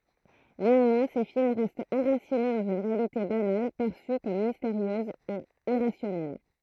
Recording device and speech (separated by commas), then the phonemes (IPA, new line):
throat microphone, read sentence
neɑ̃mwɛ̃ se film ʁɛstt ɑ̃ʁasine dɑ̃z yn ʁealite banal pɛʁsy kɔm misteʁjøz e iʁasjɔnɛl